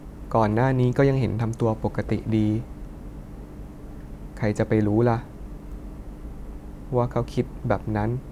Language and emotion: Thai, frustrated